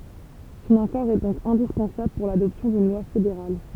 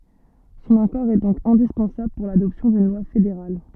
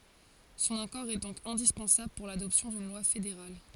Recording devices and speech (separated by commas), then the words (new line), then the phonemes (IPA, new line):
temple vibration pickup, soft in-ear microphone, forehead accelerometer, read sentence
Son accord est donc indispensable pour l'adoption d'une loi fédérale.
sɔ̃n akɔʁ ɛ dɔ̃k ɛ̃dispɑ̃sabl puʁ ladɔpsjɔ̃ dyn lwa fedeʁal